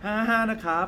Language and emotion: Thai, neutral